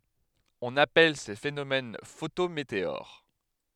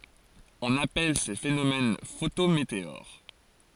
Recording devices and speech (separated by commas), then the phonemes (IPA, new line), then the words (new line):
headset microphone, forehead accelerometer, read sentence
ɔ̃n apɛl se fenomɛn fotometeoʁ
On appelle ces phénomènes photométéores.